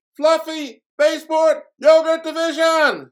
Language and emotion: English, surprised